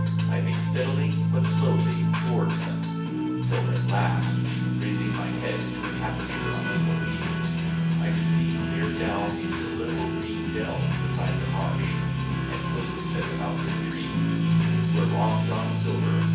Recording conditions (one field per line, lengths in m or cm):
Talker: one person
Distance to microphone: 9.8 m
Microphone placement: far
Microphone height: 1.8 m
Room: large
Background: music